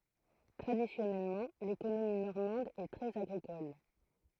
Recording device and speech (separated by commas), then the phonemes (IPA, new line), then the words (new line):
throat microphone, read sentence
tʁadisjɔnɛlmɑ̃ lekonomi nɔʁmɑ̃d ɛ tʁɛz aɡʁikɔl
Traditionnellement, l’économie normande est très agricole.